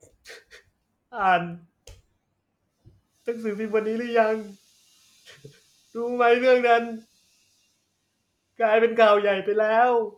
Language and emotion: Thai, sad